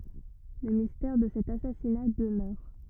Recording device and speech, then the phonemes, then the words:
rigid in-ear microphone, read sentence
lə mistɛʁ də sɛt asasina dəmœʁ
Le mystère de cet assassinat demeure.

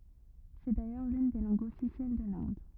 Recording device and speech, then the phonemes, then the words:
rigid in-ear microphone, read sentence
sɛ dajœʁ lyn de lɑ̃ɡz ɔfisjɛl də lɛ̃d
C'est d'ailleurs l'une des langues officielles de l'Inde.

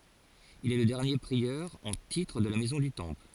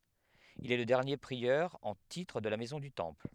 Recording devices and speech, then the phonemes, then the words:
forehead accelerometer, headset microphone, read sentence
il ɛ lə dɛʁnje pʁiœʁ ɑ̃ titʁ də la mɛzɔ̃ dy tɑ̃pl
Il est le dernier prieur en titre de la Maison du Temple.

